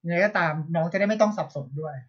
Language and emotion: Thai, frustrated